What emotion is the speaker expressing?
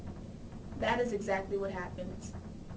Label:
neutral